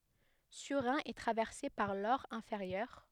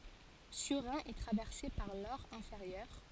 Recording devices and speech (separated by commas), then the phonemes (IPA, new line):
headset microphone, forehead accelerometer, read sentence
syʁʁɛ̃ ɛ tʁavɛʁse paʁ lɔʁ ɛ̃feʁjœʁ